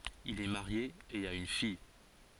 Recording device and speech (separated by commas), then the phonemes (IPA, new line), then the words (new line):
forehead accelerometer, read sentence
il ɛ maʁje e a yn fij
Il est marié et a une fille.